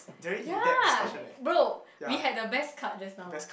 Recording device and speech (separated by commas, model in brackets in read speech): boundary microphone, conversation in the same room